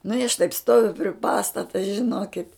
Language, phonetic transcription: Lithuanian, nu i aš taip ˈstoviu pri ˈpastata žiˈnokit

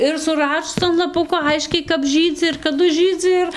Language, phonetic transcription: Lithuanian, ir suˈrašus an laˈpuko ˈaiškiai kap ˈžydzi ir kaˈdu ˈžɨdzɨ ir

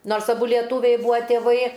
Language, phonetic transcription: Lithuanian, ˈnors aˈbu ˈlietūviai ˈbūva tėˈvai

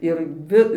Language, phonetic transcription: Lithuanian, ir ˈvi

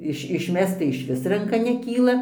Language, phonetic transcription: Lithuanian, ˈiš išˈmesc tai išˈvis ranˈka neˈkyla

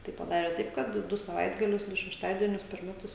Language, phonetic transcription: Lithuanian, ˈtai paˈdare ˈtaip kad ˈdu saˈvaitgalius ˈdu šešˈtadienius per ˈmetus

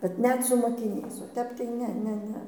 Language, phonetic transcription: Lithuanian, kad ˈnet su mokiˈniais o ˈtep tai ˈne ˈne ˈne

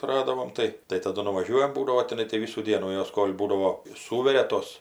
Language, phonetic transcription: Lithuanian, tuˈradavom ˈtai tai taˈdu nuvaˈžiuojam ˈbūdavo tiˈnai tai ˈvisų ˈdienų ˈjos ˈkol' ˈbūdavo ˈsūveria ˈtos

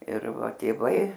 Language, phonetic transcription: Lithuanian, ir ˈva tėˈvai

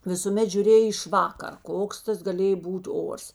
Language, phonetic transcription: Lithuanian, visuˈmet žiuˈrėj iš ˈvakar ˈkoks tas gaˈlėj ˈbūt' ˈors

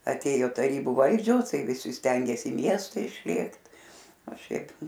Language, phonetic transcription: Lithuanian, aˈtėjo taˈrybų ˈvaldžios ˈtai viˈsi ˈstengėsi i ˈmiesta išˈlėkt a ˈšiaip

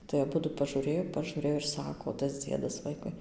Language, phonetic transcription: Lithuanian, tai aˈbudu pažūˈrėjo pažūˈrėjo ir ˈsako tas ˈdziedas ˈvaikui

